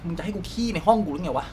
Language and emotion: Thai, angry